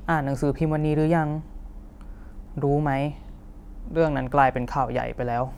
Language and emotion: Thai, neutral